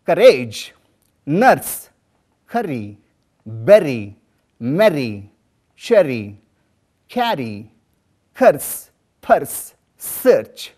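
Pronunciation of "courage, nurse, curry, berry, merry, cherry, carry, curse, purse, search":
In each of these words, from 'courage' to 'search', the r sound comes after a vowel and is pronounced.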